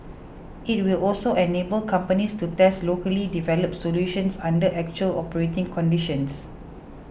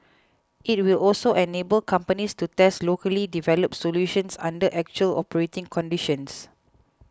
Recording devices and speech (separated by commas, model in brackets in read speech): boundary microphone (BM630), close-talking microphone (WH20), read sentence